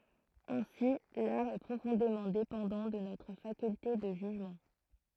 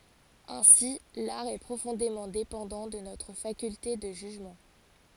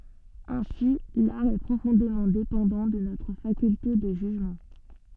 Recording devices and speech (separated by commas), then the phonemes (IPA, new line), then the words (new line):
throat microphone, forehead accelerometer, soft in-ear microphone, read sentence
ɛ̃si laʁ ɛ pʁofɔ̃demɑ̃ depɑ̃dɑ̃ də notʁ fakylte də ʒyʒmɑ̃
Ainsi, l'art est profondément dépendant de notre faculté de jugement.